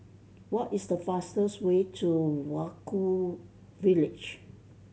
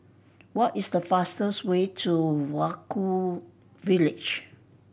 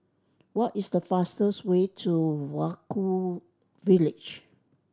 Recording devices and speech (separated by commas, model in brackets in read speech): mobile phone (Samsung C7100), boundary microphone (BM630), standing microphone (AKG C214), read sentence